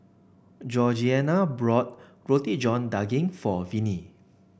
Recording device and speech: boundary microphone (BM630), read sentence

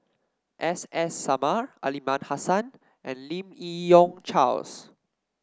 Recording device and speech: standing microphone (AKG C214), read sentence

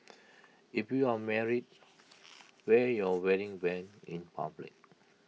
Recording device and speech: mobile phone (iPhone 6), read sentence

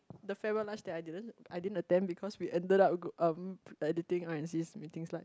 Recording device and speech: close-talking microphone, conversation in the same room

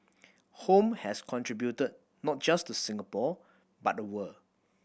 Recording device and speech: boundary microphone (BM630), read sentence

